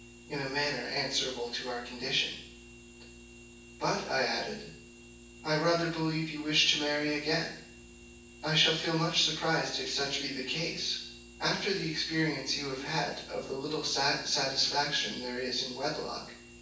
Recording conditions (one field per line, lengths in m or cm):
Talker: one person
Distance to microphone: 9.8 m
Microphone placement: far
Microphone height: 1.8 m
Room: large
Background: none